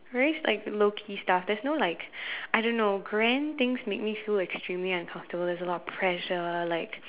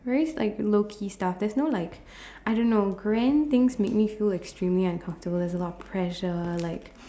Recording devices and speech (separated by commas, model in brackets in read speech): telephone, standing microphone, conversation in separate rooms